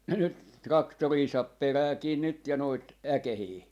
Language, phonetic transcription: Finnish, nyt "raktorii 'saap 'peräätii 'nyt ja noit , "äkehii .
- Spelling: nyt traktoreita saa peräti nyt ja noita äkeitä

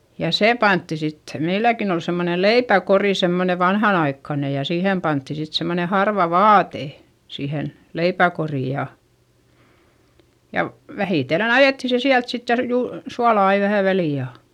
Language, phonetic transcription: Finnish, ja sè pantti sittE , meilläkin ‿ol semmone leipäkorì semmone vanhanaikkane ja siihèm pantti sit semmone harva vaate , siihen , leipäkorì ja , ja , vähìtellen ‿ajètti se siält sitte ja r- juu- , suala ai vähä välì ja ,.
- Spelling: ja se pantiin sitten meilläkin oli semmoinen leipäkori semmoinen vanhanaikainen ja siihen pantiin sitten semmoinen harva vaate siihen leipäkoriin ja ja vähitellen ajettiin se sieltä sitten ja - - suolaa aina vähän väliin ja

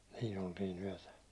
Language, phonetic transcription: Finnish, 'siin ‿oltii'n ‿yäₒtä .
- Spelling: siinä oltiin yötä

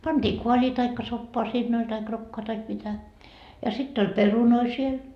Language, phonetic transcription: Finnish, panDii 'koaĺii taikka 'soppoa 'siinn ‿oĺ taik 'rokkoa taik mitä , ja sitt ‿oĺ "perunoi siel .
- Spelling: pantiin kaalia tai soppaa siinä oli tai rokkoa tai mitä ja sitten oli perunoita siellä

